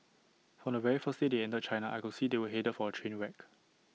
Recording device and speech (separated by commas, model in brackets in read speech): mobile phone (iPhone 6), read sentence